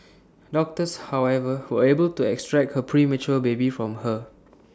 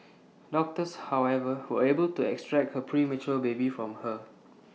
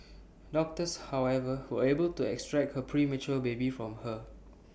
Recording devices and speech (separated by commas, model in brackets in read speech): standing microphone (AKG C214), mobile phone (iPhone 6), boundary microphone (BM630), read sentence